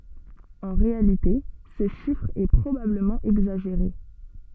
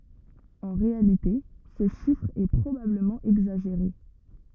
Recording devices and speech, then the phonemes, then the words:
soft in-ear microphone, rigid in-ear microphone, read sentence
ɑ̃ ʁealite sə ʃifʁ ɛ pʁobabləmɑ̃ ɛɡzaʒeʁe
En réalité, ce chiffre est probablement exagéré.

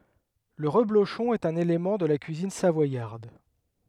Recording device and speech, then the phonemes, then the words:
headset microphone, read sentence
lə ʁəbloʃɔ̃ ɛt œ̃n elemɑ̃ də la kyizin savwajaʁd
Le reblochon est un élément de la cuisine savoyarde.

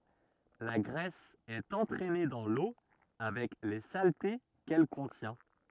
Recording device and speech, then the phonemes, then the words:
rigid in-ear microphone, read sentence
la ɡʁɛs ɛt ɑ̃tʁɛne dɑ̃ lo avɛk le salte kɛl kɔ̃tjɛ̃
La graisse est entraînée dans l'eau avec les saletés qu'elle contient.

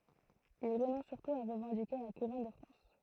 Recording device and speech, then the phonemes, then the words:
throat microphone, read sentence
il ʁənɔ̃s syʁtu a ʁəvɑ̃dike la kuʁɔn də fʁɑ̃s
Il renonce surtout à revendiquer la couronne de France.

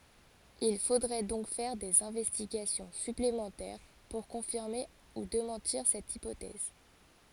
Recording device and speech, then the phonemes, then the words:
forehead accelerometer, read sentence
il fodʁɛ dɔ̃k fɛʁ dez ɛ̃vɛstiɡasjɔ̃ syplemɑ̃tɛʁ puʁ kɔ̃fiʁme u demɑ̃tiʁ sɛt ipotɛz
Il faudrait donc faire des investigations supplémentaires pour confirmer ou démentir cette hypothèse.

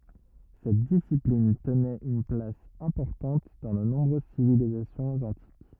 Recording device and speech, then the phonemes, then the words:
rigid in-ear microphone, read sentence
sɛt disiplin tənɛt yn plas ɛ̃pɔʁtɑ̃t dɑ̃ də nɔ̃bʁøz sivilizasjɔ̃z ɑ̃tik
Cette discipline tenait une place importante dans de nombreuses civilisations antiques.

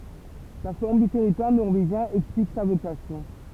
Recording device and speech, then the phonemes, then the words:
temple vibration pickup, read sentence
la fɔʁm dy tɛʁitwaʁ nɔʁveʒjɛ̃ ɛksplik sa vokasjɔ̃
La forme du territoire norvégien explique sa vocation.

